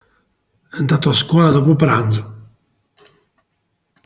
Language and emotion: Italian, neutral